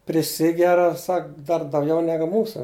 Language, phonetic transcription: Lithuanian, priˈsigera ˈsak dar dauˈgiau ˈnegu ˈmūsa

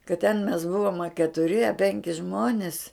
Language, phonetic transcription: Lithuanian, kad ten mes ˈbuvom a ketuˈri a ˈpenki ˈžmonis

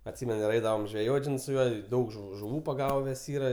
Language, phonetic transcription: Lithuanian, atˈsymenu ir ˈeidavam žveˈjot' ˈžinai su ˈjuo ˈdaug žu žuˈvų paˈgaves ˈyra

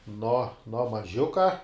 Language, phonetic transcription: Lithuanian, no no maˈžiuka

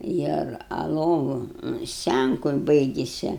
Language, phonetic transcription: Lithuanian, ˈir a ˈlovu ˈscænku ˈbaigise

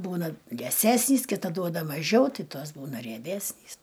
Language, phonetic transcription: Lithuanian, ˈbūna lieˈsesnys kiˈta ˈduoda maˈžiau ˈti ˈtos ˈbūna rieˈbesnys

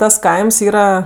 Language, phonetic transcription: Lithuanian, tas ˈkaims ˈyra

